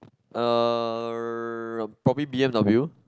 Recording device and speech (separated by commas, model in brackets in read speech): close-talking microphone, conversation in the same room